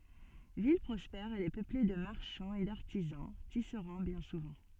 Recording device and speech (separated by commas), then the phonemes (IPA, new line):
soft in-ear microphone, read sentence
vil pʁɔspɛʁ ɛl ɛ pøple də maʁʃɑ̃z e daʁtizɑ̃ tisʁɑ̃ bjɛ̃ suvɑ̃